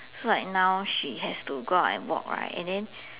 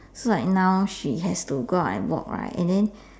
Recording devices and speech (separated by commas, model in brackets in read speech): telephone, standing microphone, conversation in separate rooms